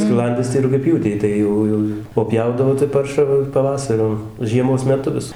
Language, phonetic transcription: Lithuanian, skiˈlandis tai rugiaˈpjūtei ˈtai jau ˈjau o ˈpjaudavo tai ˈparšą va paˈvasariu žieˈmos meˈtu vis

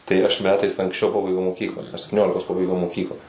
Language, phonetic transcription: Lithuanian, tai aš ˈmetais anksˈčiau ˈpabaigiau moˈkyklą aš septiˈniolikos ˈpabaigiau moˈkyklą

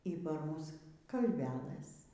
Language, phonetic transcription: Lithuanian, y par ˈmus kalveˈlɘs

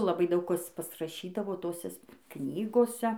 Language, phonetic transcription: Lithuanian, laˈbai ˈdaug ˈkas pasraˈšydavo ˈtoses ˈknygose

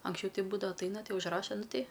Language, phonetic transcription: Lithuanian, anksˈčiau ˈti ˈbūdava atˈaina ˈti užˈraša ˈnuˈ tei

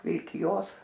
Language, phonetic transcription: Lithuanian, vilkiˈjos

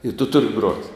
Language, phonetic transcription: Lithuanian, i tu ˈturi grot'

